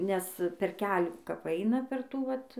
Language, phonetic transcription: Lithuanian, nes per ˈkelių kap ˈaina per ˈtų ˈvat

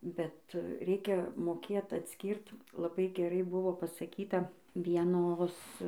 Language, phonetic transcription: Lithuanian, bet ˈreikia moˈkėt atˈskyrt laˈbai geˈrai ˈbuvo pasaˈkyta vieˈnos

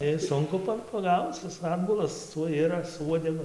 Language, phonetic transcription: Lithuanian, ˈis ˈsunku pa paˈgauc ˈis ˈatbulas ˈtuoj ˈiras su ˈuodegu

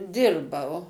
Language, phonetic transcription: Lithuanian, ˈdirbau

